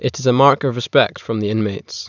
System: none